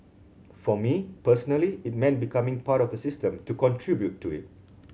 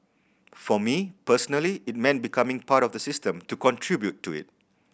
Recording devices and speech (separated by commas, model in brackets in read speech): mobile phone (Samsung C7100), boundary microphone (BM630), read sentence